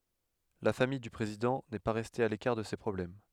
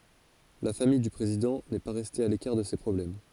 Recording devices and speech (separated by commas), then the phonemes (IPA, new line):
headset microphone, forehead accelerometer, read sentence
la famij dy pʁezidɑ̃ nɛ pa ʁɛste a lekaʁ də se pʁɔblɛm